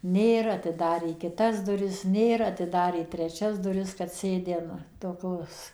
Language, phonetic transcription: Lithuanian, ˈnėr atiˈdarė kiˈtas duˈris ˈnėr atiˈdarė treˈčias duˈris kad ˈsėdi an toˈkios

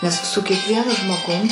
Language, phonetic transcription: Lithuanian, ˈnes su kiekˈvienu žmoˈgum

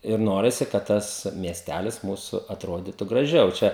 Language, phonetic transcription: Lithuanian, ir ˈnorisi kad ˈtas miesˈtælis ˈmūsu atˈrodytu graˈžiau ˈčia

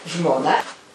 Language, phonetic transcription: Lithuanian, žmoˈna

